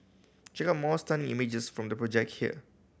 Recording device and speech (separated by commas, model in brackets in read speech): boundary microphone (BM630), read sentence